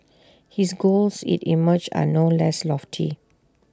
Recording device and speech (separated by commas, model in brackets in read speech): standing microphone (AKG C214), read sentence